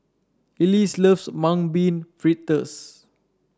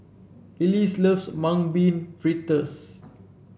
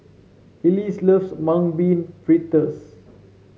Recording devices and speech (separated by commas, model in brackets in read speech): standing microphone (AKG C214), boundary microphone (BM630), mobile phone (Samsung C7), read sentence